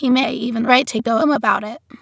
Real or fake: fake